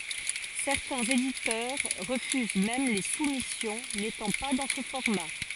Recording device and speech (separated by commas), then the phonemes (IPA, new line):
forehead accelerometer, read sentence
sɛʁtɛ̃z editœʁ ʁəfyz mɛm le sumisjɔ̃ netɑ̃ pa dɑ̃ sə fɔʁma